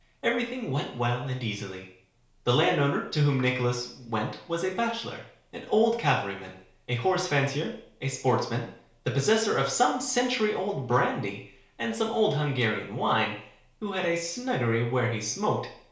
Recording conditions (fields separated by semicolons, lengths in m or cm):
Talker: one person; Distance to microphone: 1.0 m; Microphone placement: close; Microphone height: 1.1 m; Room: small (3.7 m by 2.7 m); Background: none